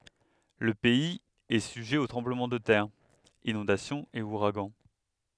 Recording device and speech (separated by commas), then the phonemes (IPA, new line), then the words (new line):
headset microphone, read sentence
lə pɛiz ɛ syʒɛ o tʁɑ̃bləmɑ̃ də tɛʁ inɔ̃dasjɔ̃z e uʁaɡɑ̃
Le pays est sujet aux tremblements de terre, inondations et ouragans.